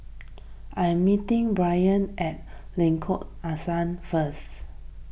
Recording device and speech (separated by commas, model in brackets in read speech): boundary microphone (BM630), read sentence